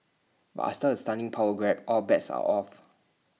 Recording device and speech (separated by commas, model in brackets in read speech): mobile phone (iPhone 6), read sentence